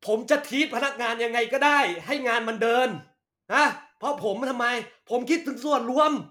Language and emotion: Thai, angry